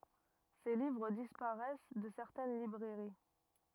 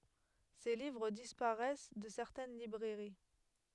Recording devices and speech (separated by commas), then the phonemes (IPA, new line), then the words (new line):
rigid in-ear microphone, headset microphone, read sentence
se livʁ dispaʁɛs də sɛʁtɛn libʁɛʁi
Ses livres disparaissent de certaines librairies.